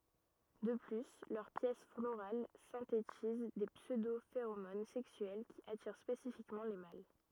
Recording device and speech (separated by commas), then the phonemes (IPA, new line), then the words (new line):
rigid in-ear microphone, read sentence
də ply lœʁ pjɛs floʁal sɛ̃tetiz de psødofeʁomon sɛksyɛl ki atiʁ spesifikmɑ̃ le mal
De plus, leurs pièces florales synthétisent des pseudo-phéromones sexuelles qui attirent spécifiquement les mâles.